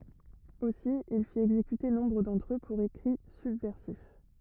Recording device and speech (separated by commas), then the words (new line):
rigid in-ear microphone, read sentence
Aussi, il fit exécuter nombre d'entre eux pour écrits subversifs.